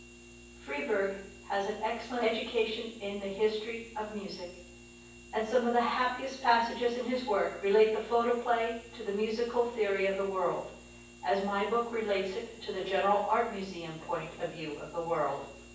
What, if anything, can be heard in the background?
Nothing.